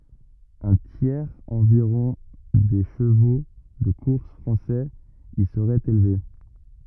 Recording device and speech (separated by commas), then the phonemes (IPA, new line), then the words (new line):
rigid in-ear microphone, read sentence
œ̃ tjɛʁz ɑ̃viʁɔ̃ de ʃəvo də kuʁs fʁɑ̃sɛz i səʁɛt elve
Un tiers environ des chevaux de course français y serait élevé.